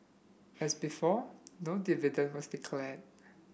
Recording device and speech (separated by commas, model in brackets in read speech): boundary microphone (BM630), read sentence